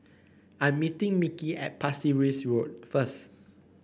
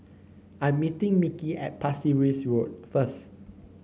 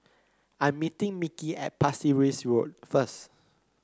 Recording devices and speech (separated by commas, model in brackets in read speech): boundary microphone (BM630), mobile phone (Samsung C9), close-talking microphone (WH30), read sentence